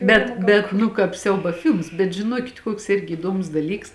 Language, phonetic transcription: Lithuanian, ˈbet bet ˈnu kāp ˈsiauba ˈfilms bet žiˈnuokit ˈkuoks ˈirgi įˈduomus daˈlyks

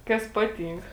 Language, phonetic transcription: Lithuanian, ˈkas ˈpaˌtynk

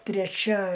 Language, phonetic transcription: Lithuanian, treˈčia

